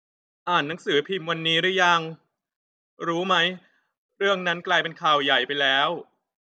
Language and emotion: Thai, frustrated